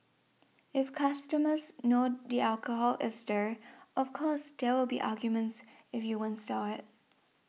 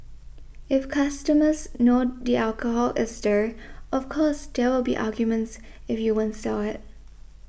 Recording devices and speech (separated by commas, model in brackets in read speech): mobile phone (iPhone 6), boundary microphone (BM630), read sentence